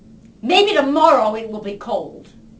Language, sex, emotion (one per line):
English
female
angry